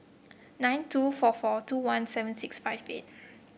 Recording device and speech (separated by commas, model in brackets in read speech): boundary microphone (BM630), read sentence